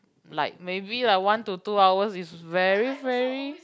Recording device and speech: close-talking microphone, conversation in the same room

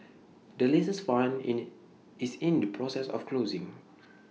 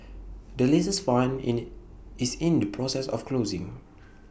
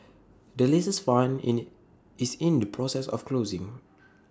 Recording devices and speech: mobile phone (iPhone 6), boundary microphone (BM630), standing microphone (AKG C214), read sentence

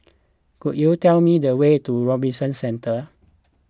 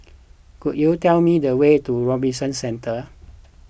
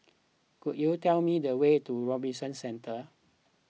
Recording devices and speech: close-talking microphone (WH20), boundary microphone (BM630), mobile phone (iPhone 6), read sentence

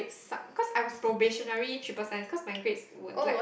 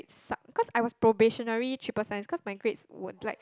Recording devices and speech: boundary microphone, close-talking microphone, conversation in the same room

